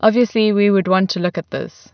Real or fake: real